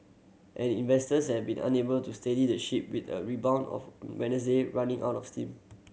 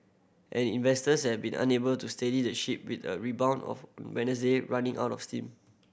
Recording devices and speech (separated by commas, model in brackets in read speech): mobile phone (Samsung C7100), boundary microphone (BM630), read sentence